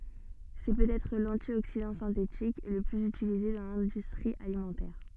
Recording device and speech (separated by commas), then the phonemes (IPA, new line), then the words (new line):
soft in-ear microphone, read sentence
sɛ pøtɛtʁ lɑ̃tjoksidɑ̃ sɛ̃tetik lə plyz ytilize dɑ̃ lɛ̃dystʁi alimɑ̃tɛʁ
C’est peut-être l’antioxydant synthétique le plus utilisé dans l’industrie alimentaire.